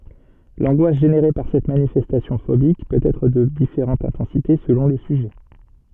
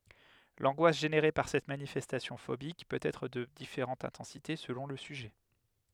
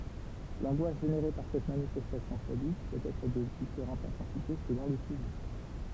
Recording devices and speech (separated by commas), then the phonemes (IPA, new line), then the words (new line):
soft in-ear microphone, headset microphone, temple vibration pickup, read sentence
lɑ̃ɡwas ʒeneʁe paʁ sɛt manifɛstasjɔ̃ fobik pøt ɛtʁ də difeʁɑ̃t ɛ̃tɑ̃site səlɔ̃ lə syʒɛ
L'angoisse générée par cette manifestation phobique peut être de différente intensité selon le sujet.